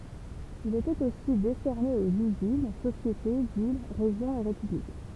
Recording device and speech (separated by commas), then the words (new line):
temple vibration pickup, read sentence
Il était aussi décerné aux usines, sociétés, villes, régions et républiques.